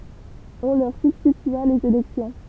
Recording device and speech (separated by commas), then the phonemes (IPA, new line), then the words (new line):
temple vibration pickup, read sentence
ɔ̃ lœʁ sybstitya lez elɛksjɔ̃
On leur substitua les élections.